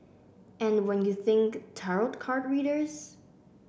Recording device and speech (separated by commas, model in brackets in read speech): boundary microphone (BM630), read sentence